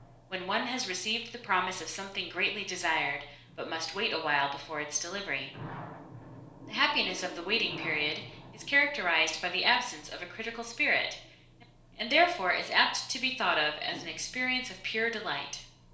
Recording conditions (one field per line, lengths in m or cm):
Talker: one person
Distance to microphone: 1.0 m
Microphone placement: close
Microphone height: 1.1 m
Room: small (3.7 m by 2.7 m)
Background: television